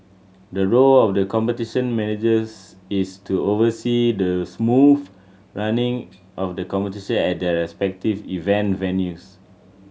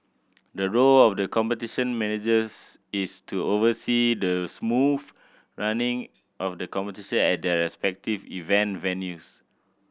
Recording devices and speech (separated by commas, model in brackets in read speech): mobile phone (Samsung C7100), boundary microphone (BM630), read sentence